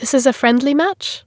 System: none